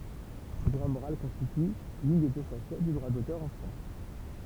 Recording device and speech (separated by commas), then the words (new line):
temple vibration pickup, read sentence
Le droit moral constitue l'une des deux facettes du droit d'auteur en France.